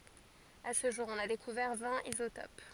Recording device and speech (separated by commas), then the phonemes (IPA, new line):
forehead accelerometer, read sentence
a sə ʒuʁ ɔ̃n a dekuvɛʁ vɛ̃t izotop